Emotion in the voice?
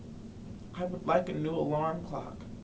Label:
sad